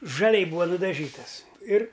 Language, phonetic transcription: Lithuanian, žaˈliai ˈbūva nudaˈžytas ir

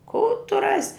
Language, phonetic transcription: Lithuanian, kų tu ˈrasi

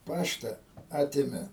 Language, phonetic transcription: Lithuanian, ˈpašta ˈatėme

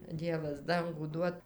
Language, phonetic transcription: Lithuanian, ˈdievas ˈdangų ˈduot

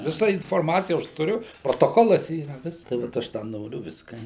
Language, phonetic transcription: Lithuanian, viˈsa inforˈmacija aš tuˈriu protoˈkolas ˈyra ˈvisk tai vat ˈaš da ˈnoriu ˈviska

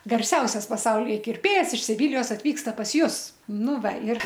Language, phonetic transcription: Lithuanian, garˈsiausias paˈsaulyje kirˈpėjas iš siˈvilijos atˈvyksta pas ˈjus ˈnu ˈva ir

